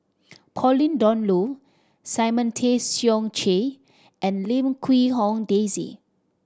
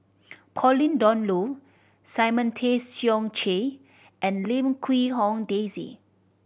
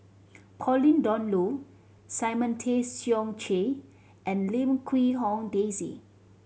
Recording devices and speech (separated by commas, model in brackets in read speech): standing microphone (AKG C214), boundary microphone (BM630), mobile phone (Samsung C7100), read sentence